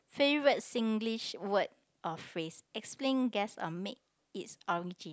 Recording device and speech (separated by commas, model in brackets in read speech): close-talking microphone, conversation in the same room